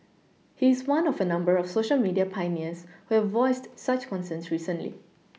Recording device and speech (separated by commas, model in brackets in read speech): mobile phone (iPhone 6), read sentence